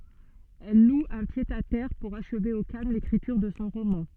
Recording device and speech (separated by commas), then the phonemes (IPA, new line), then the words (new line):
soft in-ear microphone, read sentence
ɛl lu œ̃ pjədatɛʁ puʁ aʃve o kalm lekʁityʁ də sɔ̃ ʁomɑ̃
Elle loue un pied-à-terre pour achever au calme l’écriture de son roman.